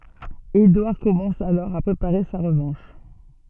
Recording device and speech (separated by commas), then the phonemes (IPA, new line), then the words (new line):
soft in-ear microphone, read sentence
edwaʁ kɔmɑ̃s alɔʁ a pʁepaʁe sa ʁəvɑ̃ʃ
Édouard commence alors à préparer sa revanche.